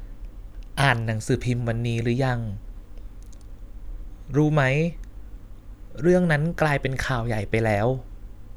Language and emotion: Thai, neutral